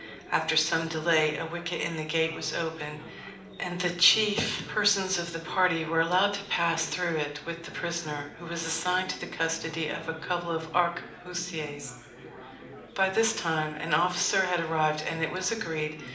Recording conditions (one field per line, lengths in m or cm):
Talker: one person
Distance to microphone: 2.0 m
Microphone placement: close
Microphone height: 99 cm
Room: medium-sized (5.7 m by 4.0 m)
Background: babble